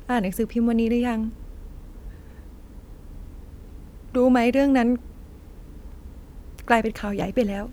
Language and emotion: Thai, sad